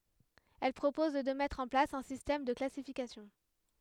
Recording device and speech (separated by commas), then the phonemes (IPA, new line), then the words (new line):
headset microphone, read sentence
ɛl pʁopɔz də mɛtʁ ɑ̃ plas œ̃ sistɛm də klasifikasjɔ̃
Elle propose de mettre en place un système de classification.